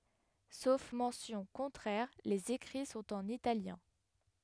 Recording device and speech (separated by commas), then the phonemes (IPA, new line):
headset microphone, read sentence
sof mɑ̃sjɔ̃ kɔ̃tʁɛʁ lez ekʁi sɔ̃t ɑ̃n italjɛ̃